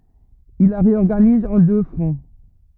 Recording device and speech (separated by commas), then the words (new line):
rigid in-ear microphone, read sentence
Il la réorganise en deux fronts.